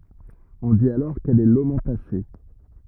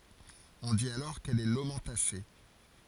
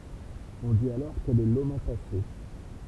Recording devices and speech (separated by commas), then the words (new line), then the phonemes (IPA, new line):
rigid in-ear microphone, forehead accelerometer, temple vibration pickup, read sentence
On dit alors qu'elle est lomentacée.
ɔ̃ dit alɔʁ kɛl ɛ lomɑ̃tase